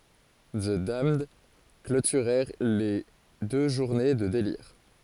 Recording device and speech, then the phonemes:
forehead accelerometer, read sentence
zə damnd klotyʁɛʁ le dø ʒuʁne də deliʁ

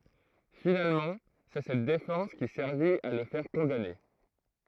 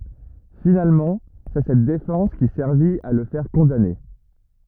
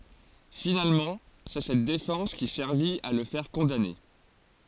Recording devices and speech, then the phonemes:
throat microphone, rigid in-ear microphone, forehead accelerometer, read sentence
finalmɑ̃ sɛ sɛt defɑ̃s ki sɛʁvit a lə fɛʁ kɔ̃dane

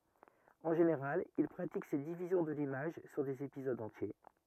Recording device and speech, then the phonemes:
rigid in-ear microphone, read sentence
ɑ̃ ʒeneʁal il pʁatik sɛt divizjɔ̃ də limaʒ syʁ dez epizodz ɑ̃tje

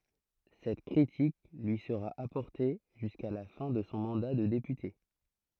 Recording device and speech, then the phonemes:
throat microphone, read sentence
sɛt kʁitik lyi səʁa apɔʁte ʒyska la fɛ̃ də sɔ̃ mɑ̃da də depyte

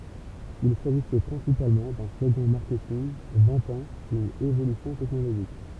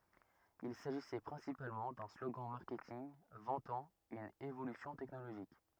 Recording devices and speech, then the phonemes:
temple vibration pickup, rigid in-ear microphone, read sentence
il saʒisɛ pʁɛ̃sipalmɑ̃ dœ̃ sloɡɑ̃ maʁkɛtinɡ vɑ̃tɑ̃ yn evolysjɔ̃ tɛknoloʒik

